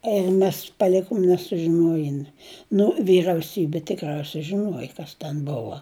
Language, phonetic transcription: Lithuanian, ir ˈmes paˈlikom nesužiˈnojin nu vyrauˈsybi tikˈrausiai žiˈnuoji ˈkas ten ˈbova

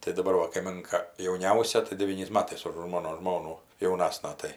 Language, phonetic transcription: Lithuanian, tai daˈbar va kaiˈminka jauˈniausia tai deˈvyniais ˈmatais už ˈmono ˈžmonų jauˈnasna ˈtai

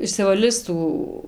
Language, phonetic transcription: Lithuanian, išsivaˈlis ˈtų

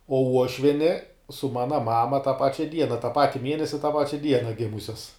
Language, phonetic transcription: Lithuanian, o ˈuošvieni su ˈmana ˈmama tą ˈpačia ˈdiena tą ˈpati ˈmienesi tą ˈpačia ˈdiena ˈgimusias

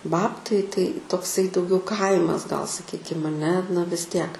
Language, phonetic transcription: Lithuanian, ˈbabtai tai tokˈsai dauˈgiau ˈkaimas gal saˈkykim aˈne na vis ˈtiek

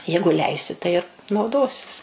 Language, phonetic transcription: Lithuanian, ˈjeigu ˈleisi tai ir nauˈdosis

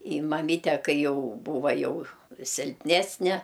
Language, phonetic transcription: Lithuanian, i maˈmyte ˈkai ˈjau ˈbūva ˈjau silpˈnesne

